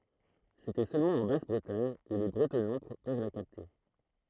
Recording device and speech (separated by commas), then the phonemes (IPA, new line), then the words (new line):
throat microphone, read sentence
setɛ sølmɑ̃ ɑ̃ bas bʁətaɲ u le bʁətɔnɑ̃ pøv la kapte
C’était seulement en Basse-Bretagne où les bretonnants peuvent la capter.